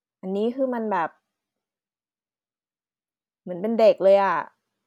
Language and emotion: Thai, frustrated